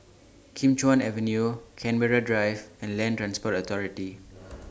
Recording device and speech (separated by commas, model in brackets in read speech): standing microphone (AKG C214), read sentence